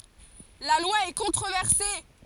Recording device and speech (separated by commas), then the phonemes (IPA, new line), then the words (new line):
forehead accelerometer, read sentence
la lwa ɛ kɔ̃tʁovɛʁse
La loi est controversée.